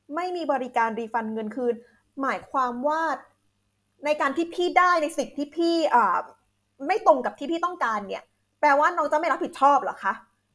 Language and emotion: Thai, angry